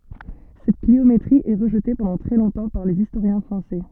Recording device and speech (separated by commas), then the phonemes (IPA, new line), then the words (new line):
soft in-ear microphone, read sentence
sɛt kliometʁi ɛ ʁəʒte pɑ̃dɑ̃ tʁɛ lɔ̃tɑ̃ paʁ lez istoʁjɛ̃ fʁɑ̃sɛ
Cette cliométrie est rejetée pendant très longtemps par les historiens français.